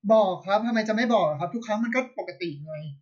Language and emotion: Thai, frustrated